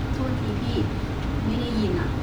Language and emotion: Thai, neutral